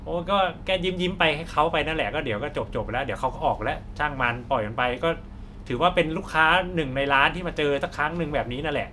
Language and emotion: Thai, frustrated